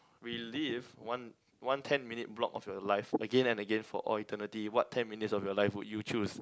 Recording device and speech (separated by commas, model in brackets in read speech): close-talking microphone, conversation in the same room